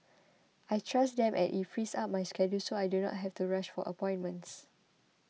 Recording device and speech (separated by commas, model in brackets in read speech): mobile phone (iPhone 6), read sentence